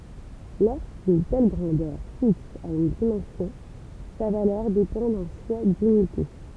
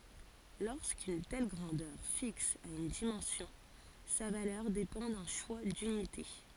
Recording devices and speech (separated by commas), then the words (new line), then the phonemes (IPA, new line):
temple vibration pickup, forehead accelerometer, read sentence
Lorsqu'une telle grandeur fixe a une dimension, sa valeur dépend d'un choix d'unités.
loʁskyn tɛl ɡʁɑ̃dœʁ fiks a yn dimɑ̃sjɔ̃ sa valœʁ depɑ̃ dœ̃ ʃwa dynite